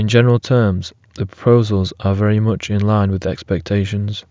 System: none